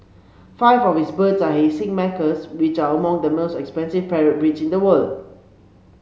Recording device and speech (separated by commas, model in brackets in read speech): mobile phone (Samsung C7), read sentence